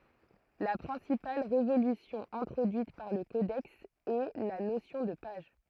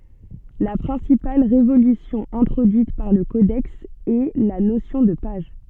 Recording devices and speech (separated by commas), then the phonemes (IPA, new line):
throat microphone, soft in-ear microphone, read sentence
la pʁɛ̃sipal ʁevolysjɔ̃ ɛ̃tʁodyit paʁ lə kodɛks ɛ la nosjɔ̃ də paʒ